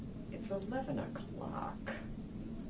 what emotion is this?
disgusted